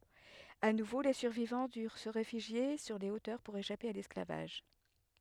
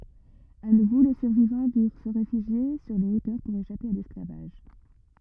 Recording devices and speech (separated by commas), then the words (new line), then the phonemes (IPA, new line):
headset microphone, rigid in-ear microphone, read sentence
À nouveau, les survivants durent se réfugier sur les hauteurs pour échapper à l'esclavage.
a nuvo le syʁvivɑ̃ dyʁ sə ʁefyʒje syʁ le otœʁ puʁ eʃape a lɛsklavaʒ